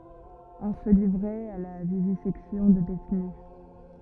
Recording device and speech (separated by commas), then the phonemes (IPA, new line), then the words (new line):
rigid in-ear microphone, read sentence
ɔ̃ sə livʁɛt a la vivizɛksjɔ̃ də detny
On se livrait à la vivisection de détenus.